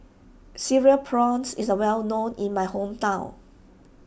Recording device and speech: boundary microphone (BM630), read sentence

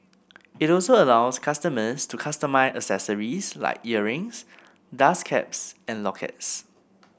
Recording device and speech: boundary microphone (BM630), read sentence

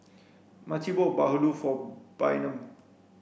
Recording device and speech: boundary microphone (BM630), read sentence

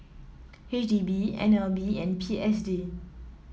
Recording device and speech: mobile phone (iPhone 7), read sentence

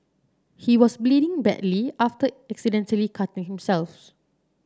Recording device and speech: standing microphone (AKG C214), read sentence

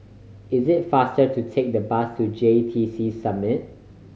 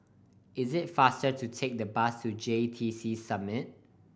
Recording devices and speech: mobile phone (Samsung C5010), boundary microphone (BM630), read sentence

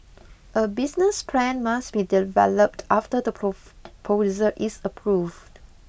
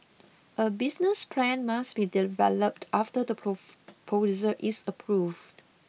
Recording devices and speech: boundary microphone (BM630), mobile phone (iPhone 6), read sentence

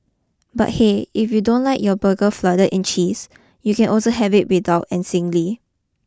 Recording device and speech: close-talking microphone (WH20), read sentence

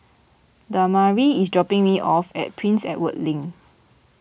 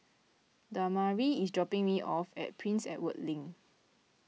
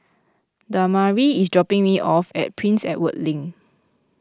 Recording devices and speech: boundary microphone (BM630), mobile phone (iPhone 6), close-talking microphone (WH20), read sentence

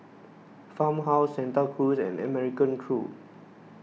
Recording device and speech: mobile phone (iPhone 6), read sentence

